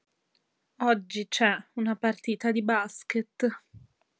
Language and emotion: Italian, sad